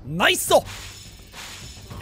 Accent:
in japanese accent